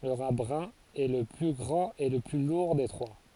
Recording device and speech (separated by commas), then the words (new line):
forehead accelerometer, read sentence
Le rat brun est le plus grand et le plus lourd des trois.